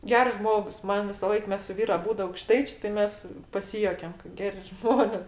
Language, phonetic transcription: Lithuanian, ˈgers ˈžmogs ˈman visaˈlaik ˈmes su ˈvyru aˈbūdu aukˈštaičė ti ˈmes paˈsijuokiam ka ˈgeri ˈžmonės

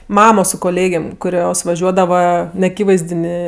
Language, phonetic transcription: Lithuanian, ˈmamo su koˈlėgėm kuˈrios vaˈžiuodava neaˈkyvaizdinė

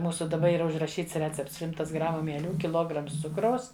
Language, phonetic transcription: Lithuanian, ˈmūsu daˈba yˈra užraˈšyts ˈrecepts ˈšimtas ˈgramu mieˈlių kiˈlograms ˈcukraus

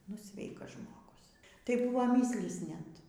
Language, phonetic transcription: Lithuanian, nu ˈsveikas žmoˈgus tai ˈbuvo ˈmislys ˈnet

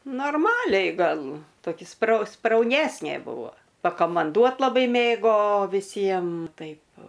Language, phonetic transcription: Lithuanian, norˈmaliai ˈgal toˈki sprau sprauˈnesnė ˈbuvo pakamanˈduot laˈbai ˈmėgo viˈsiem ˈtaip

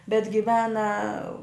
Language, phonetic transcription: Lithuanian, bet giˈvena

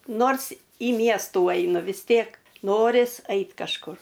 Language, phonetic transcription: Lithuanian, ˈnors į ˈmiestų ˈainu vis ˈtėk ˈnoris ˈait kažˈkur

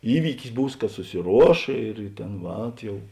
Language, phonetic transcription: Lithuanian, ˈįvykis ˈbūs ka susiˈruoš ir ˈtėn ˈvat ˈjau

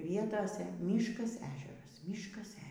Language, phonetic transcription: Lithuanian, ˈvietose ˈmyškas ˈežeras ˈmyškas ˈežeras

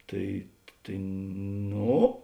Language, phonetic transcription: Lithuanian, ˈtai tai ˈno

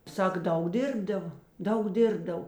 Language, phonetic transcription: Lithuanian, ˈsak ˈdaug ˈdirbdava ˈdaug ˈdirbdav

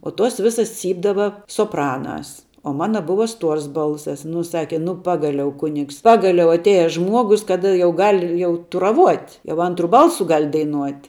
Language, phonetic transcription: Lithuanian, o tuos ˈvisas ˈcypdava soˈpranās o ˈmana ˈbuva ˈstuors ˈbalsas nu ˈsake ˈnu ˈpagaliau ˈkunigs ˈpagaliau atˈėja ˈžmuogus ˈkada jau ˈgal' ˈjau turaˈvuot' jau ˈantru ˈbalsu ˈgal' daiˈnuot'

